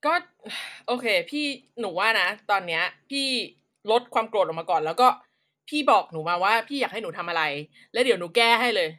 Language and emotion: Thai, frustrated